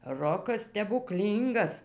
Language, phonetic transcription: Lithuanian, ˈrokas stebuˈklyngas

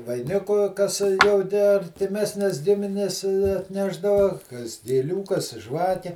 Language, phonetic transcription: Lithuanian, vaiˈniku kas jau ˈtę artiˈmesnes ˈgimines atˈnešdava kas gėˈlių kas ˈžvake

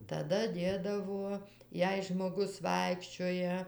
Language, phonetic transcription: Lithuanian, taˈda ˈdėdavo ˈjei žmoˈgus ˈvaikščioja

